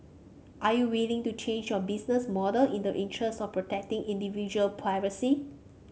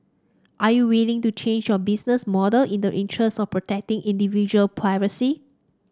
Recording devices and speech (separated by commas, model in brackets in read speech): mobile phone (Samsung C5), standing microphone (AKG C214), read sentence